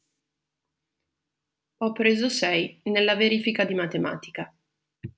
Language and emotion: Italian, neutral